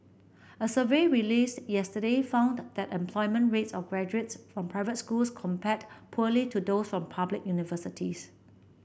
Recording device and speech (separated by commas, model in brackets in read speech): boundary microphone (BM630), read sentence